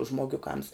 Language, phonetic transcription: Lithuanian, žmoˈgiuˌkams

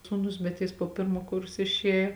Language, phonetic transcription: Lithuanian, sūˈnus bet jis po ˈpirmo ˈkurso išˈėjo

